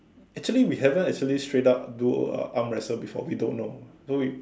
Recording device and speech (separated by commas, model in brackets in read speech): standing microphone, conversation in separate rooms